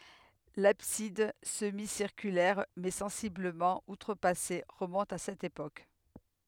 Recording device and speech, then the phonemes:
headset microphone, read sentence
labsid səmisiʁkylɛʁ mɛ sɑ̃sibləmɑ̃ utʁəpase ʁəmɔ̃t a sɛt epok

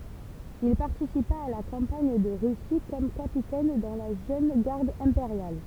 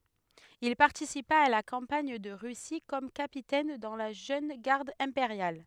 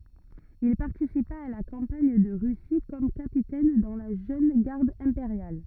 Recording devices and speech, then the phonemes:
temple vibration pickup, headset microphone, rigid in-ear microphone, read sentence
il paʁtisipa a la kɑ̃paɲ də ʁysi kɔm kapitɛn dɑ̃ la ʒøn ɡaʁd ɛ̃peʁjal

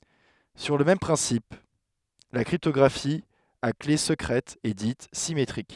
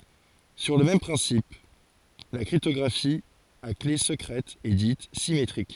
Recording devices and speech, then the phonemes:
headset microphone, forehead accelerometer, read sentence
syʁ lə mɛm pʁɛ̃sip la kʁiptɔɡʁafi a kle səkʁɛt ɛ dit simetʁik

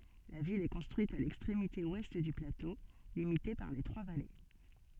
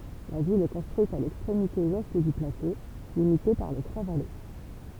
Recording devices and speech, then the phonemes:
soft in-ear microphone, temple vibration pickup, read sentence
la vil ɛ kɔ̃stʁyit a lɛkstʁemite wɛst dy plato limite paʁ le tʁwa vale

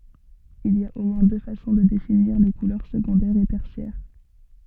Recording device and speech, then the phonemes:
soft in-ear microphone, read sentence
il i a o mwɛ̃ dø fasɔ̃ də definiʁ le kulœʁ səɡɔ̃dɛʁz e tɛʁsjɛʁ

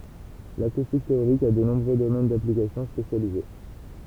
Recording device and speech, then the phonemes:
temple vibration pickup, read sentence
lakustik teoʁik a də nɔ̃bʁø domɛn daplikasjɔ̃ spesjalize

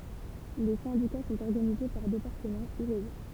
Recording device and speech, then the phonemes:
temple vibration pickup, read sentence
le sɛ̃dika sɔ̃t ɔʁɡanize paʁ depaʁtəmɑ̃ u ʁeʒjɔ̃

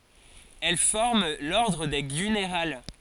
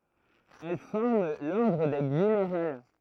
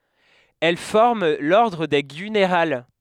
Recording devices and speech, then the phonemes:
forehead accelerometer, throat microphone, headset microphone, read sentence
ɛl fɔʁm lɔʁdʁ de ɡynʁal

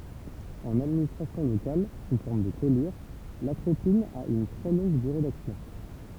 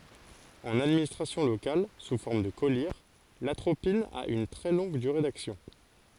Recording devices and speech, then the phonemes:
temple vibration pickup, forehead accelerometer, read sentence
ɑ̃n administʁasjɔ̃ lokal su fɔʁm də kɔliʁ latʁopin a yn tʁɛ lɔ̃ɡ dyʁe daksjɔ̃

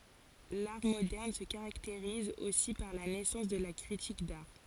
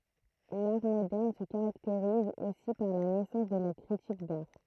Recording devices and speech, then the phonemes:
forehead accelerometer, throat microphone, read sentence
laʁ modɛʁn sə kaʁakteʁiz osi paʁ la nɛsɑ̃s də la kʁitik daʁ

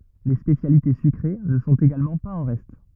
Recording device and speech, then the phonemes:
rigid in-ear microphone, read sentence
le spesjalite sykʁe nə sɔ̃t eɡalmɑ̃ paz ɑ̃ ʁɛst

